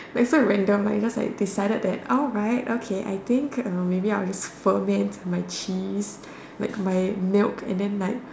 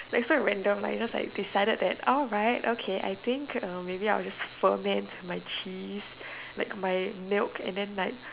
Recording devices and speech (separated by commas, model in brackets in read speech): standing microphone, telephone, conversation in separate rooms